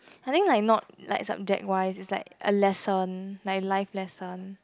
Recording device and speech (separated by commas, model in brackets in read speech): close-talking microphone, conversation in the same room